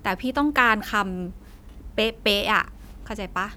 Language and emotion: Thai, frustrated